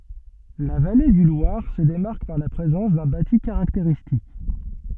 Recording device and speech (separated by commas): soft in-ear microphone, read sentence